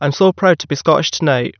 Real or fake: real